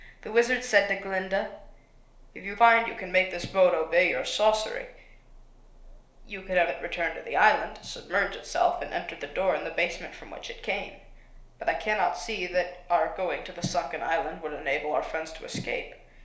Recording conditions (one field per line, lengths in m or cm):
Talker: one person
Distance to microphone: 1.0 m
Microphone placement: close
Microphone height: 1.1 m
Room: small (3.7 m by 2.7 m)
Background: none